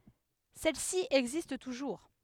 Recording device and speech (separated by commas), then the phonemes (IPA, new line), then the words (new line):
headset microphone, read sentence
sɛl si ɛɡzist tuʒuʁ
Celle-ci existe toujours.